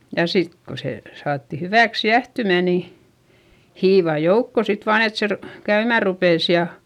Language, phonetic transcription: Finnish, ja sit ko se , saatti hyvä̀ks jähtymä̀ ni , hiivà joukko sit vaan ‿et se ru- , käymä̀ rupès ja, .
- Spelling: ja sitten kun se saatiin hyväksi jäähtymään niin hiivaa joukkoon sitten vain että se - käymään rupesi ja,

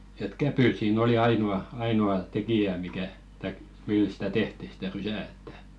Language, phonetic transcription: Finnish, et "käpyt siin ‿oli 'ainu₍a , ainu₍a 'tekijä mikä , taik 'mil sᴵtä "tehti , stä 'rysä̀ ettᴀ̈ .
- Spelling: että kävyt siinä oli ainoa ainoa tekijä mikä tai millä sitä tehtiin sitä rysää että

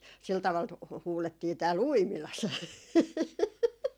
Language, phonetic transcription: Finnish, sil taval tu- , 'huulettii tääl "Uimilas .
- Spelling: sillä tavalla - huudettiin täällä Uimilassa

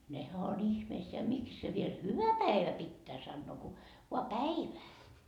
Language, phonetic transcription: Finnish, nehä on "ihmeisseä 'miks se viel "hyvä 'päivä 'pittää sannoo ku , voa "päivää .
- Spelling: nehän on ihmeissään miksi se vielä hyvä päivä pitää sanoa kun vain päivää

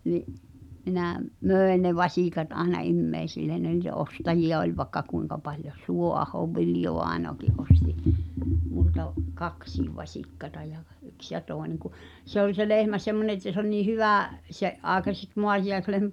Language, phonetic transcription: Finnish, ni’ , 'minä , "mö̀en ne 'vasìkat aena "immeisillen ne ni̳tä 'ostajiʲa oĺ va[i]kka 'kuiŋka paljo ˢ- 'Suo’ahov "Viljovàenoăki’ ’ostɪ , multa’ , "kaksiiv vaśikkata ja ɢ- , 'yks ja 'tòeneŋ ku , 'se ‿oĺ se "lehmä semmone että se ‿oĺ nii "hyvä̀ , 'se’ ’àekaseks 'moatijaeslehmä- ,.
- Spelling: niin minä myin ne vasikat aina ihmisille ne niitä ostajia oli vaikka kuinka paljon - Suoahon Viljo-vainajakin osti minulta kaksikin vasikkaa ja - yksi ja toinen kun se oli se lehmä semmoinen että se oli niin hyvä sen aikaiseksi maatiaislehmäksi

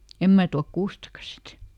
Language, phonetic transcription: Finnish, » "em mää tuak ˈkuustaka sit ! »
- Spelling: en minä tuo kuustakaan sitten

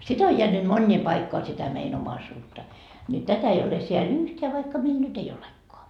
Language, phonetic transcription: Finnish, 'sit ‿o 'jeänyt "mońńii paikkoa sitä mein ‿'omaisuutta , ni 'tätä ei ole seä"l ‿yhteä vaikka meil 'nyt ei 'olekkoa .
- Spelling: sitä on jäänyt moniin paikkoihin sitä meidän omaisuutta niin tätä ei ole siellä yhtään vaikka meillä nyt ei olekaan

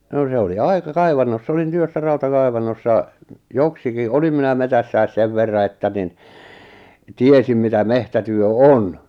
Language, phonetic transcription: Finnish, 'no se oli "aika "kaivannoss ‿olin 'työssä 'rauta'kaivannossa , 'joksiki 'olim minä 'metässäi̬s 'sev verra että nin , "tiesim mitä 'mehtätyö "on .
- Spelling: no se oli aika kaivannossa olin työssä rautakaivannossa joksikin olin minä metsässä sen verran että niin tiesin mitä metsätyö on

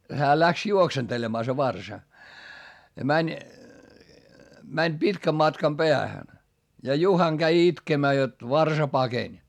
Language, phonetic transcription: Finnish, hää läks juoksentelemaa se varsa , ja mäń , mäń pitkäm matkam Beähän , ja Juhaŋ Gäi itkemää jot , varsa pakeń .
- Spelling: hän lähti juoksentelemaan se varsa ja meni meni pitkän matkan päähän ja Juhan kävi itkemään jotta varsa pakeni

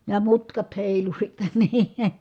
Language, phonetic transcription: Finnish, ja mutkat hèilu sittE NII .
- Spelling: ja mutkat heilui sitten niin

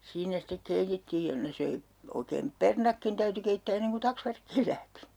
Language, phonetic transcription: Finnish, 'siinä sittek 'keitettiij ja ne 'söi , 'oikeem "pernakkin 'täyty keittää 'enneŋ ku 'taksvärkkiil lähti .
- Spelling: siinä sitten keitettiin ja ne söi oikein perunatkin täytyi keittää ennen kuin taksvärkkiin lähti

